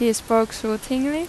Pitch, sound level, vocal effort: 230 Hz, 86 dB SPL, normal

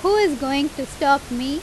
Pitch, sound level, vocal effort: 280 Hz, 90 dB SPL, very loud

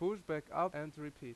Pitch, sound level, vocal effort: 155 Hz, 88 dB SPL, very loud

